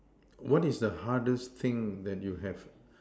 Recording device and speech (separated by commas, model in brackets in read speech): standing microphone, conversation in separate rooms